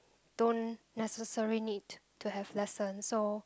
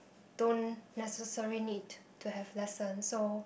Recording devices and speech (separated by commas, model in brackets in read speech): close-talking microphone, boundary microphone, conversation in the same room